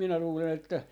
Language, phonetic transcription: Finnish, minä luulen ‿että , .
- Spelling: minä luulen että

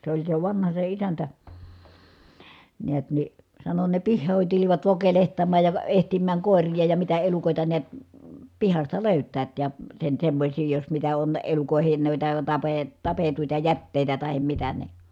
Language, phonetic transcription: Finnish, se oĺ se vanha se isäntä , niät ni , sano » ne pihhòin tulivat vokelehtammàj ja və- ehtimmääŋ kòerija ja mitä elukòita niät , pihasta lö̀yt̆täät ja , sen semmośii jos mitä on , elukòehen nuita , tapee- , tapetuita jättèi̮tä tahem mitä ni » .
- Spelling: se oli se vanha se isäntä näet niin sanoi ne pihoihin tulivat vokelehtimaan ja - etsimään koiria ja mitä elukoita näet pihasta löytävät ja sen semmoisia jos mitä on elukoiden noita - tapettuja jätteitä tai mitä niin

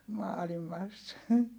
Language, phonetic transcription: Finnish, maalimas .
- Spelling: maailmassa

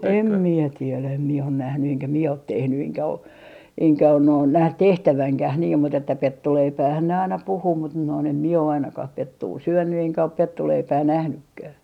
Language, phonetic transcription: Finnish, 'em 'mie 'tielä em mie on 'nähny eŋkä mie ot 'tehny eŋkä o , eŋkä on noin 'näh "tehtäväŋkäh niim mut ‿että "pettuleipäähän ne aina 'puhuu mut noin em mie o ainakah 'pettuu "syönny eŋkä op 'pettuleipää 'nähnykkää .
- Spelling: en minä tiedä en minä ole nähnyt enkä minä ole tehnyt enkä ole enkä ole noin nähnyt tehtävänkään niin mutta että pettuleipäähän ne aina puhuu mutta noin en minä ole ainakaan pettua syönyt enkä ole pettuleipää nähnytkään

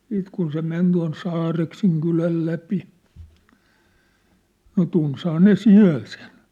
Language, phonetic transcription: Finnish, 'siit kun se 'men tua̭n "Saarekseŋ kyläl läpi , no 'tunshaa 'ne "siä̭l sen .
- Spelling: sitten kun se meni tuon Saareksen kylän läpi no tunsihan ne siellä sen

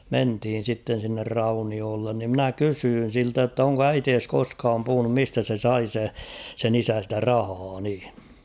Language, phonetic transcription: Finnish, 'menthiin̬ 'sitten̬ sinner "raunioollen ni ‿''mnä 'kysyyn̬ siltä jotta oŋko "äitees 'koskaam puhunum 'mistä se 'sai se , sen ‿'isä ‿stä 'rahaa niiɴ̬ .
- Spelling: mentiin sitten sinne rauniolle niin minä kysyin siltä jotta onko äitisi koskaan puhunut mistä se sai se sen isä sitä rahaa niin

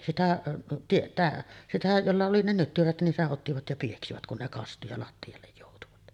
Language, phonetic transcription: Finnish, 'sitä , (tietää) , sitä 'jolla oli ne 'nyttyrät nin 'seˀ 'ˀottivat ja pieksivät kun ne kastu ja 'latti₍allej jòutuvat .
- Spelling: sitä tietäjää sitä jolla oli ne nyttyrät niin sen ottivat ja pieksivät kun ne kastui ja lattialle joutuvat

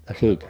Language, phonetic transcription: Finnish, ja siitä ,.
- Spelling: ja siitä

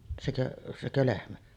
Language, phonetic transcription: Finnish, sekö’ , 'sekö lehmä ?
- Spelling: sekö sekö lehmä

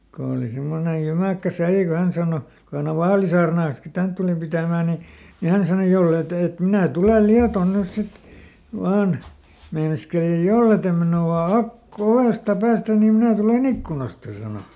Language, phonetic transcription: Finnish, ko òli ˈsemmone ˈjymäkkä ˈsälli ko ˈhän sàno , ko hän ‿ov "vaalisaarnaan̬ski ˈtänt tulup pitä̀mää ni , ni ˈhän sano » ˈjollè t ‿et » , et » "minä̀ ˈtulel "Liaton ˈnys ˈsit , ˈvaan » , ˈmeinaskeli » ja "jolle tem minu₍a ˈak- , ˈovèsta ˈpäästän nim ˈminä tule"n ‿ikkkunasta » sano .
- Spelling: kun oli semmoinen jymäkkä sälli kun hän sanoi kun hän oli vaalisaarnaansakin tänne tullut pitämään niin niin hän sanoi jos ei te että että minä tulen Lietoon nyt sitten vain meinaskeli ja jos ei te minua - ovesta päästä niin minä tulen ikkunasta sanoi

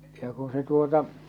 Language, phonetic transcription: Finnish, ja ku se tuota ,.
- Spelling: ja kun se tuota

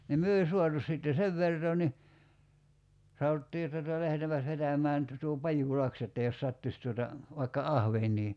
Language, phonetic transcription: Finnish, nim 'myö ei 'suatu sìtte "sev 'vertoo ni , 'saottii (että tuta) 'lähetäämpäs 'vetäm̀ään tu- tuo 'Pajù"laks ‿että jos 'sattuś tuota , vaikka 'ahveǹii .
- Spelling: niin me ei saatu sitten sen vertaa niin sanottiin että tuota lähdetäänpäs vetämään - tuo Pajulahti että jos sattuisi tuota vaikka ahvenia

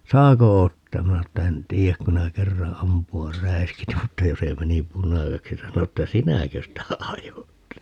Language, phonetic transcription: Finnish, » "saako 'ottaam » 'minä (sano) että » 'en "tiijäk ku [si]nä 'kerra 'ampu₍ar "räiskit » mutta 'jo se 'meni "punaseksi 'sano että » "sinäkö sitä 'ajot » .
- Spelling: saako ottaa minä sanoin että en tiedä kun sinä kerran ampua räiskit mutta jo se meni punaiseksi sanoi että sinäkö sitä ajoit

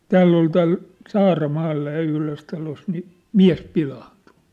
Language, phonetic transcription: Finnish, tääll ‿ol tääl , "Saara'maalla ja 'yhlös talos ni , "miä̭s 'pilaantᴜ .
- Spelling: täällä oli täällä Saaramaalla ja yhdessä talossa niin mies pilaantui

